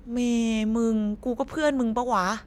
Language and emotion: Thai, frustrated